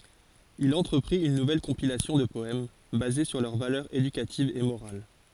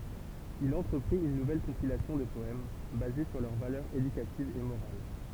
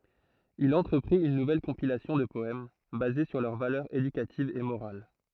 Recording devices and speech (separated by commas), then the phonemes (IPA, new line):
forehead accelerometer, temple vibration pickup, throat microphone, read sentence
il ɑ̃tʁəpʁit yn nuvɛl kɔ̃pilasjɔ̃ də pɔɛm baze syʁ lœʁ valœʁz edykativz e moʁal